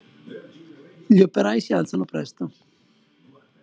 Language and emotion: Italian, neutral